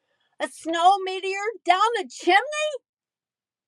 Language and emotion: English, disgusted